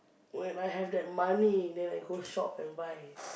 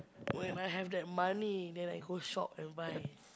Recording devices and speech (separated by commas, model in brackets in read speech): boundary microphone, close-talking microphone, conversation in the same room